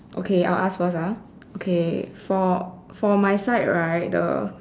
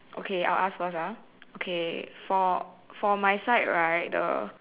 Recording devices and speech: standing microphone, telephone, conversation in separate rooms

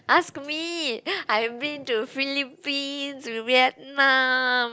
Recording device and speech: close-talking microphone, conversation in the same room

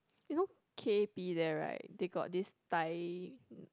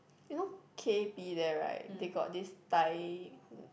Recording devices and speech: close-talking microphone, boundary microphone, conversation in the same room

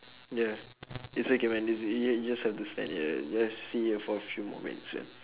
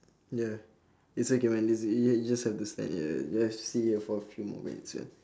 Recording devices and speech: telephone, standing microphone, conversation in separate rooms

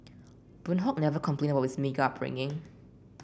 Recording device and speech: boundary microphone (BM630), read sentence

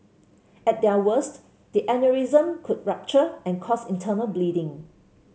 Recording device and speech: mobile phone (Samsung C7), read sentence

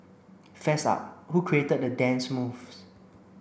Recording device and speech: boundary microphone (BM630), read sentence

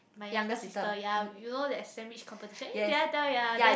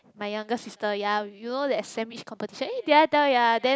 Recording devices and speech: boundary microphone, close-talking microphone, conversation in the same room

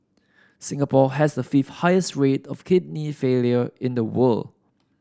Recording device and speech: standing microphone (AKG C214), read sentence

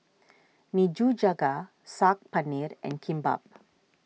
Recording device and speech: mobile phone (iPhone 6), read sentence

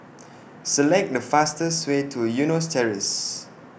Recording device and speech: boundary microphone (BM630), read sentence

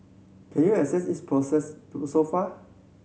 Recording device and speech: mobile phone (Samsung C7100), read sentence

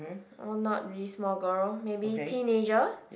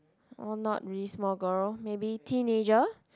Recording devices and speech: boundary microphone, close-talking microphone, conversation in the same room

